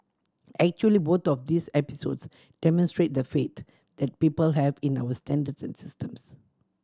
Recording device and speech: standing microphone (AKG C214), read sentence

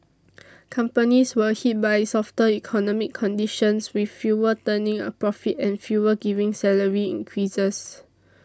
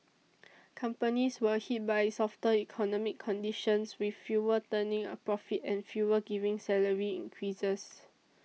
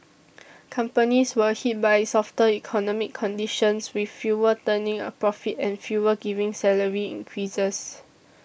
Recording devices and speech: standing microphone (AKG C214), mobile phone (iPhone 6), boundary microphone (BM630), read sentence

